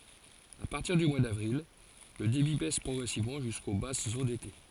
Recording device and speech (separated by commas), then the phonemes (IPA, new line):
forehead accelerometer, read sentence
a paʁtiʁ dy mwa davʁil lə debi bɛs pʁɔɡʁɛsivmɑ̃ ʒysko basz o dete